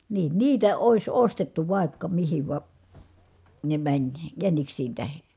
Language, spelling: Finnish, niin niitä olisi ostettu vaikka mihin vaan ne meni jäniksien tähden
- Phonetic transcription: niin , niitä òis ostettu vài̮kka mihiv va , ne mäń , jäniksiin tähe .

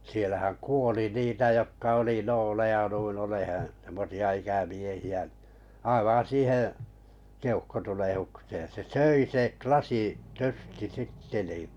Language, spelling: Finnish, siellähän kuoli niitä jotka oli nooleja noin olemaan semmoisia ikämiehiä aivan siihen keuhkotulehdukseen se söi - lasityrsti sitten niin
- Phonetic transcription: sielähäŋ "kuoli 'niitä jokka oli 'nooleja nuin oleheḛ , semmosi₍a 'ikämiehi₍a , aivaa̰ 'siiheᵉ̰ , 'keuhkotulehuksee se "söi 'klasi- , 'ty(r)sti 'sitte ni .

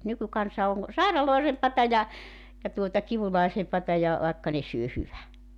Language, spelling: Finnish, nykykansa on sairaalloisempaa ja ja tuota kivuliaisempaa ja vaikka ne syö hyvän
- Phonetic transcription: 'nykykansa oŋ , "sàiralòesempata ja , ja tuota "kivulàisempata ja , 'vàekka ne syö "hyvä .

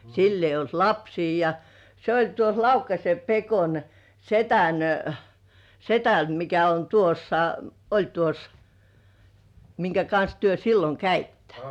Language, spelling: Finnish, sillä ei ollut lapsia ja se oli tuossa Laukkasen Pekon sedän sedän mikä on tuossa oli tuossa minkä kanssa te silloin kävitte
- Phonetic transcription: 'sill ‿eij̆j ‿olt "lapsii ja , se ‿oĺ tuo(s) "Laukkase 'Pekon , "setän , setän mikä on 'tuossa , 'oĺ tuos , miŋkä 'kans työ 'silloŋ "käittä .

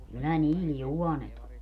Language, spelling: Finnish, kyllä niillä juonet on
- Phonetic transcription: kyllä 'niil "juɔnet ‿o .

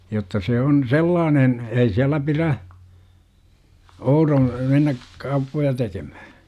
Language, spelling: Finnish, jotta se on sellainen ei siellä pidä oudon mennä kauppoja tekemään
- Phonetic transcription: jotta 'see on "sellaanen , 'ei siälä pirä , 'ouroo̰ , 'mennäk , "kauppoja tekeMÄhÄ .

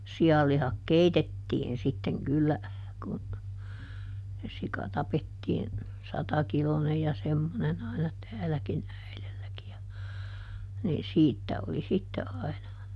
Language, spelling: Finnish, sianlihat keitettiin sitten kyllä kun se sika tapettiin satakiloinen ja semmoinen aina täälläkin äidilläkin ja niin siitä oli sitten aina
- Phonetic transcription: ˈsi₍allihak "keitetiin sitteŋ ˈkyllä , kun , se ˈsika ˈtapettiin , ˈsatakilonej ja ˈsemmonen ‿aina ˈtääläkin ˈäilelläki ja , niin "siittä oli ˈsitte ai̮na .

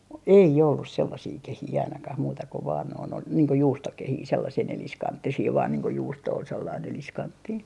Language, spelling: Finnish, ei ollut sellaisia kehiä ainakaan muuta kuin vain noin oli niin kuin juustokehiä sellaisia neliskanttisia vain niin kuin juusto oli sellainen neliskanttinen
- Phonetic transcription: "ei ollus 'sellasii "kehii ainakah 'muuta ko vaan noin ‿ol , niiŋ ko 'juustokehii sellasii 'neliskanttisii vaan niiŋ ko 'juusto ol sellain 'neliskanttii .

